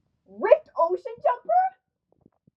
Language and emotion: English, surprised